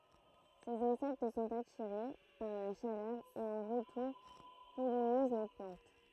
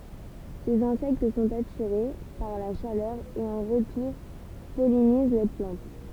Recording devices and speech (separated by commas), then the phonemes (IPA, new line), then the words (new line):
throat microphone, temple vibration pickup, read sentence
sez ɛ̃sɛkt sɔ̃t atiʁe paʁ la ʃalœʁ e ɑ̃ ʁətuʁ pɔliniz la plɑ̃t
Ces insectes sont attirés par la chaleur et en retour pollinisent la plante.